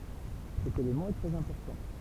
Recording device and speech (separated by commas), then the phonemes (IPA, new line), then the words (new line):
temple vibration pickup, read sentence
sɛt elemɑ̃ ɛ tʁɛz ɛ̃pɔʁtɑ̃
Cet élément est très important.